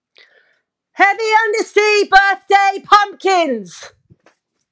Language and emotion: English, neutral